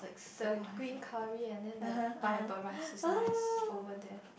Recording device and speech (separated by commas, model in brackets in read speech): boundary microphone, conversation in the same room